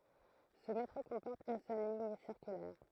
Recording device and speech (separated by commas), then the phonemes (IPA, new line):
throat microphone, read sentence
sə metʁo kɔ̃pɔʁt yn sœl liɲ siʁkylɛʁ